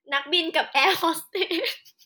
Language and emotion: Thai, happy